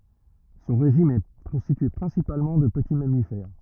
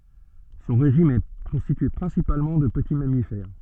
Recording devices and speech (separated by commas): rigid in-ear microphone, soft in-ear microphone, read sentence